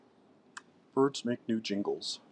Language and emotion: English, happy